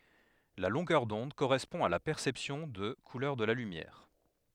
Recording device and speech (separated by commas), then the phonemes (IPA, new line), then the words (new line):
headset microphone, read sentence
la lɔ̃ɡœʁ dɔ̃d koʁɛspɔ̃ a la pɛʁsɛpsjɔ̃ də kulœʁ də la lymjɛʁ
La longueur d'onde correspond à la perception de couleur de la lumière.